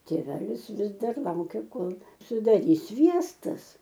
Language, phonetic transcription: Lithuanian, tėˈvelis ˈvis ˈdar ˈlaukia ˈkol sudaˈrys ˈsviestas

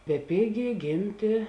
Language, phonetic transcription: Lithuanian, beˈpėgė ˈgėmtė

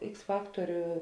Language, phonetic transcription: Lithuanian, ˈiks ˈfaktoriu

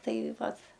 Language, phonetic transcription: Lithuanian, ˈtai ˈvat

